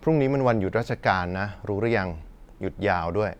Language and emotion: Thai, neutral